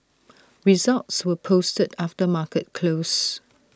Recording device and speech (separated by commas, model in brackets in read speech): standing microphone (AKG C214), read sentence